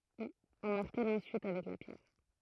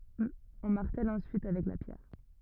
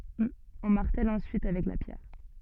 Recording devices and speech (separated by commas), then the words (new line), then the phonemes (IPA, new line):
throat microphone, rigid in-ear microphone, soft in-ear microphone, read sentence
On martèle ensuite avec la pierre.
ɔ̃ maʁtɛl ɑ̃syit avɛk la pjɛʁ